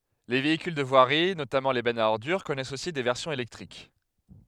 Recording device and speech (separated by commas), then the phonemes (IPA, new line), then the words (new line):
headset microphone, read sentence
le veikyl də vwaʁi notamɑ̃ le bɛnz a ɔʁdyʁ kɔnɛst osi de vɛʁsjɔ̃z elɛktʁik
Les véhicules de voirie, notamment les bennes à ordures, connaissent aussi des versions électriques.